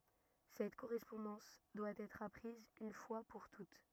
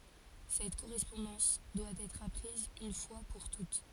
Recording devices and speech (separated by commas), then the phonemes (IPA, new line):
rigid in-ear microphone, forehead accelerometer, read sentence
sɛt koʁɛspɔ̃dɑ̃s dwa ɛtʁ apʁiz yn fwa puʁ tut